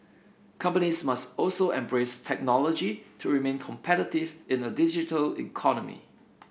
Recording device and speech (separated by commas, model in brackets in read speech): boundary microphone (BM630), read sentence